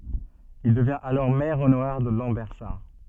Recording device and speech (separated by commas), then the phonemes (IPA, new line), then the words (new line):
soft in-ear microphone, read sentence
il dəvjɛ̃t alɔʁ mɛʁ onoʁɛʁ də lɑ̃bɛʁsaʁ
Il devient alors maire honoraire de Lambersart.